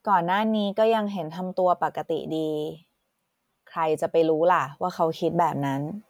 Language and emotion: Thai, neutral